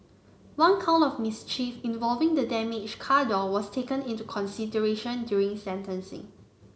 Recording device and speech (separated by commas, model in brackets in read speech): mobile phone (Samsung C9), read sentence